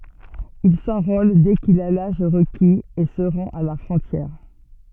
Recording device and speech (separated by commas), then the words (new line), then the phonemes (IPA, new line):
soft in-ear microphone, read sentence
Il s'enrôle dès qu'il a l'âge requis, et se rend à la frontière.
il sɑ̃ʁol dɛ kil a laʒ ʁəkiz e sə ʁɑ̃t a la fʁɔ̃tjɛʁ